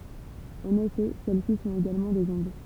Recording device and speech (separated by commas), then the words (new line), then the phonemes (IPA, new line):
temple vibration pickup, read sentence
En effet, celles-ci sont également des ondes.
ɑ̃n efɛ sɛlɛsi sɔ̃t eɡalmɑ̃ dez ɔ̃d